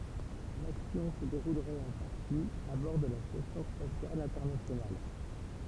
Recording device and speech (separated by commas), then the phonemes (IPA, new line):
temple vibration pickup, read sentence
laksjɔ̃ sə deʁulʁɛt ɑ̃ paʁti a bɔʁ də la stasjɔ̃ spasjal ɛ̃tɛʁnasjonal